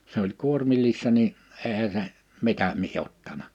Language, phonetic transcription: Finnish, se ‿oĺ 'kuormillissa ni , 'eehä se , 'mitä mie 'ottana .
- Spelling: se oli kuormillisena niin eihän se mitä minä ottanut

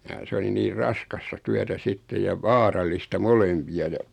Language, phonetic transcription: Finnish, ja 's ‿oli niir 'raskasta 'tyätä "sittej ja "vaaraÌista "molempi₍a ja ,.
- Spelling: ja se oli niin raskasta työtä sitten ja vaarallista molempia ja

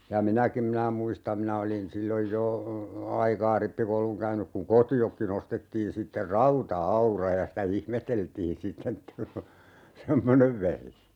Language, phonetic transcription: Finnish, ja "minäkim 'minä muistam 'minä olin 'silloj 'jo , "aikaa 'rippikouluŋ käynyk kuŋ "koti₍okki'n ‿ostettiin 'sitter "rauta₍"aura ja sitä 'ihmeteltiin "sitten ‿et(tä) , "semmonev 'vehje .
- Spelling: ja minäkin minä muistan minä olin silloin jo aikaa rippikoulun käynyt kun kotiinkin ostettiin sitten rauta-aura ja sitä ihmeteltiin sitten että semmoinen vehje

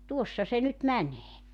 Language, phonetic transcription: Finnish, "tuossa 'se nyt 'mänee .
- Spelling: tuossa se nyt menee

